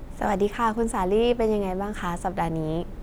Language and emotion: Thai, happy